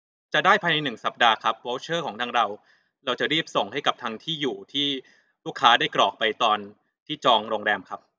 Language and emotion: Thai, neutral